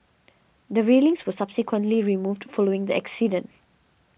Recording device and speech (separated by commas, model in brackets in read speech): boundary microphone (BM630), read sentence